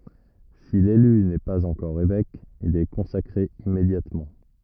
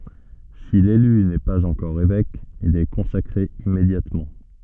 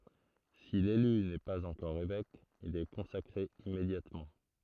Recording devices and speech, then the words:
rigid in-ear microphone, soft in-ear microphone, throat microphone, read sentence
Si l'élu n'est pas encore évêque, il est consacré immédiatement.

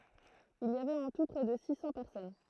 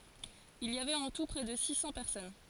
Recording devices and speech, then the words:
throat microphone, forehead accelerometer, read sentence
Il y avait en tout près de six cents personnes.

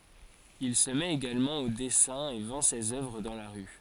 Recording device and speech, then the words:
forehead accelerometer, read sentence
Il se met également au dessin et vend ses œuvres dans la rue.

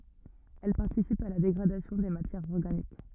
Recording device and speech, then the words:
rigid in-ear microphone, read sentence
Elles participent à la dégradation des matières organiques.

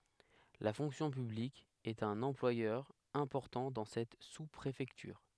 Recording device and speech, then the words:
headset microphone, read sentence
La fonction publique est un employeur important dans cette sous-préfecture.

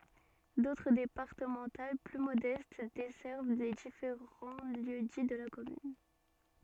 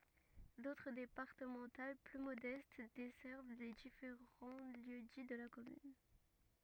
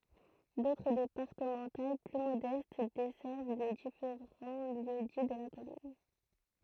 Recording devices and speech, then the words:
soft in-ear microphone, rigid in-ear microphone, throat microphone, read sentence
D'autres départementales plus modestes desservent les différents lieux-dits de la commune.

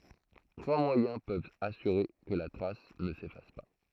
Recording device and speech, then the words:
throat microphone, read sentence
Trois moyens peuvent assurer que la trace ne s'efface pas.

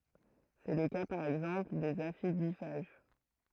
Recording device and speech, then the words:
throat microphone, read sentence
C’est le cas par exemple des aphidiphages.

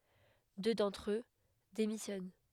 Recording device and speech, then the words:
headset microphone, read sentence
Deux d'entre eux démissionnent.

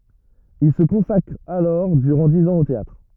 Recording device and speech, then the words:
rigid in-ear microphone, read sentence
Il se consacre alors durant dix ans au théâtre.

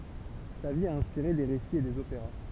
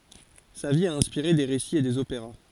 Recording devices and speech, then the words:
temple vibration pickup, forehead accelerometer, read sentence
Sa vie a inspiré des récits et des opéras.

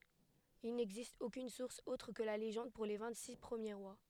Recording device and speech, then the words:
headset microphone, read sentence
Il n'existe aucune source autre que la légende pour les vingt-six premiers rois.

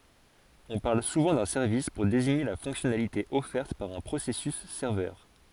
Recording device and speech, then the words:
forehead accelerometer, read sentence
On parle souvent d'un service pour désigner la fonctionnalité offerte par un processus serveur.

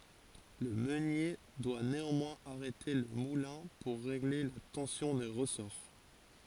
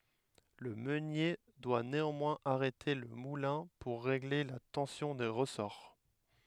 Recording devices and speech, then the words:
forehead accelerometer, headset microphone, read sentence
Le meunier doit néanmoins arrêter le moulin pour régler la tension des ressorts.

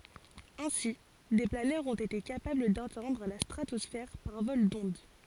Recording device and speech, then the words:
forehead accelerometer, read sentence
Ainsi, des planeurs ont été capables d'atteindre la stratosphère par vol d'onde.

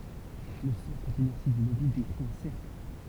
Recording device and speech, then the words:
temple vibration pickup, read sentence
Le centre d'inertie du mobile décrit un cercle.

